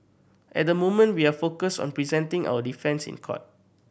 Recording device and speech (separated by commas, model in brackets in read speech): boundary microphone (BM630), read sentence